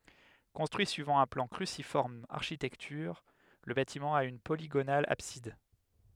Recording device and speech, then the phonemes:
headset microphone, read sentence
kɔ̃stʁyi syivɑ̃ œ̃ plɑ̃ kʁysifɔʁm aʁʃitɛktyʁ lə batimɑ̃ a yn poliɡonal absid

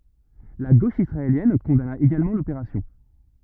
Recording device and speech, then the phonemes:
rigid in-ear microphone, read sentence
la ɡoʃ isʁaeljɛn kɔ̃dana eɡalmɑ̃ lopeʁasjɔ̃

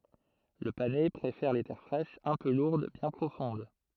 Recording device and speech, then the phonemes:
throat microphone, read sentence
lə panɛ pʁefɛʁ le tɛʁ fʁɛʃz œ̃ pø luʁd bjɛ̃ pʁofɔ̃d

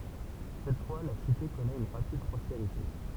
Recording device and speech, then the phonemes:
temple vibration pickup, read sentence
sɛt fwa la site kɔnɛt yn ʁapid pʁɔspeʁite

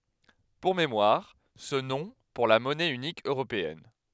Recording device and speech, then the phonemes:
headset microphone, read sentence
puʁ memwaʁ sə nɔ̃ puʁ la mɔnɛ ynik øʁopeɛn

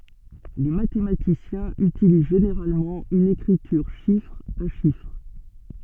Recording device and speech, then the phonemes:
soft in-ear microphone, read sentence
le matematisjɛ̃z ytiliz ʒeneʁalmɑ̃ yn ekʁityʁ ʃifʁ a ʃifʁ

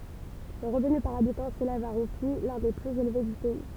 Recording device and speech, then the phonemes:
temple vibration pickup, read sentence
lə ʁəvny paʁ abitɑ̃ selɛv a ʁupi lœ̃ de plyz elve dy pɛi

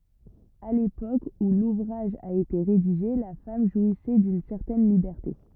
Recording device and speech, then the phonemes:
rigid in-ear microphone, read sentence
a lepok u luvʁaʒ a ete ʁediʒe la fam ʒwisɛ dyn sɛʁtɛn libɛʁte

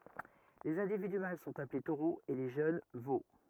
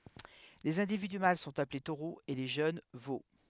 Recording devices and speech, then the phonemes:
rigid in-ear microphone, headset microphone, read sentence
lez ɛ̃dividy mal sɔ̃t aple toʁoz e le ʒøn vo

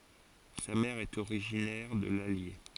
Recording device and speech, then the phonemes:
forehead accelerometer, read sentence
sa mɛʁ ɛt oʁiʒinɛʁ də lalje

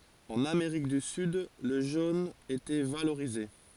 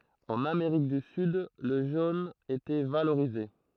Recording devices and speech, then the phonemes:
forehead accelerometer, throat microphone, read sentence
ɑ̃n ameʁik dy syd lə ʒon etɛ valoʁize

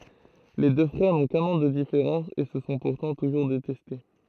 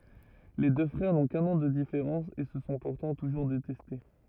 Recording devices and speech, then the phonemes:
throat microphone, rigid in-ear microphone, read sentence
le dø fʁɛʁ nɔ̃ kœ̃n ɑ̃ də difeʁɑ̃s e sə sɔ̃ puʁtɑ̃ tuʒuʁ detɛste

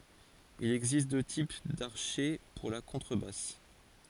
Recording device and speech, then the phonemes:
forehead accelerometer, read sentence
il ɛɡzist dø tip daʁʃɛ puʁ la kɔ̃tʁəbas

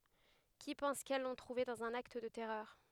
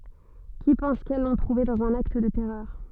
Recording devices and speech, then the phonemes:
headset microphone, soft in-ear microphone, read sentence
ki pɑ̃s kɛl lɔ̃ tʁuve dɑ̃z œ̃n akt də tɛʁœʁ

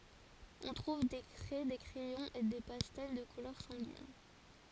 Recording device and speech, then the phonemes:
forehead accelerometer, read sentence
ɔ̃ tʁuv de kʁɛ de kʁɛjɔ̃z e de pastɛl də kulœʁ sɑ̃ɡin

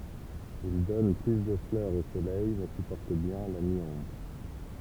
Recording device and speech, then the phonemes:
temple vibration pickup, read sentence
il dɔn ply də flœʁz o solɛj mɛ sypɔʁt bjɛ̃ la mi ɔ̃bʁ

